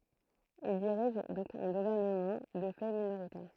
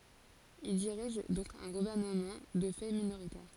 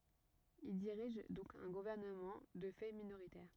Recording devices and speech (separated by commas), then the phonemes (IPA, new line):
throat microphone, forehead accelerometer, rigid in-ear microphone, read sentence
il diʁiʒ dɔ̃k œ̃ ɡuvɛʁnəmɑ̃ də fɛ minoʁitɛʁ